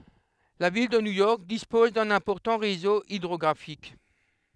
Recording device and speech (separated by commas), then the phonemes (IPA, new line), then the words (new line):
headset microphone, read sentence
la vil də njujɔʁk dispɔz dœ̃n ɛ̃pɔʁtɑ̃ ʁezo idʁɔɡʁafik
La ville de New York dispose d'un important réseau hydrographique.